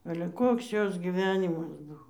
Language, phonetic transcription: Lithuanian, ale ˈkoks ˈjos gyˈvenimas ˈbuvo

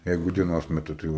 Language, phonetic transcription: Lithuanian, ˈjeigu dieˈnos meˈtu tai ˈjau

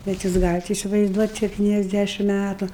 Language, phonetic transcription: Lithuanian, bet ˈjūs ˈgalit isivaizˈduot' septyniasˈdæšim ˈmætu

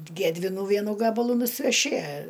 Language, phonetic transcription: Lithuanian, ˈgedvinų ˈvienų ˈgabalų nusiveˈši

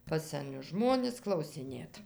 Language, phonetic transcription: Lithuanian, pas seˈnius ˈžmonis klausiˈnėt

